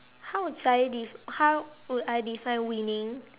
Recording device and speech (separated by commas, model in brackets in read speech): telephone, conversation in separate rooms